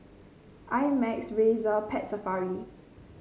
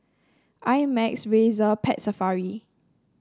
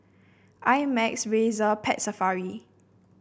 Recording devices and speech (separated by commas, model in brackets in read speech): mobile phone (Samsung C5), standing microphone (AKG C214), boundary microphone (BM630), read sentence